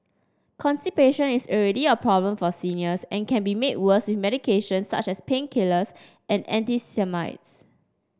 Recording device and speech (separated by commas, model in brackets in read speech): standing microphone (AKG C214), read sentence